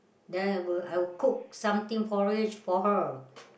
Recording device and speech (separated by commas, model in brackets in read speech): boundary microphone, conversation in the same room